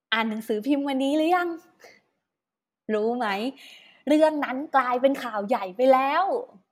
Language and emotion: Thai, happy